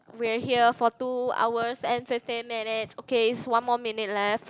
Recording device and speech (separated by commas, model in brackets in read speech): close-talking microphone, conversation in the same room